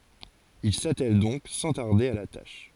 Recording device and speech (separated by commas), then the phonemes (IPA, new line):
forehead accelerometer, read sentence
il satɛl dɔ̃k sɑ̃ taʁde a la taʃ